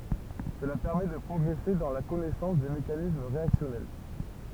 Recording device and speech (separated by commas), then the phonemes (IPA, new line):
temple vibration pickup, read sentence
səla pɛʁmɛ də pʁɔɡʁɛse dɑ̃ la kɔnɛsɑ̃s de mekanism ʁeaksjɔnɛl